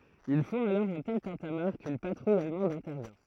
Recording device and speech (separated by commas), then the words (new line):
throat microphone, read sentence
Ils font alors un tel tintamarre qu'une patrouille allemande intervient.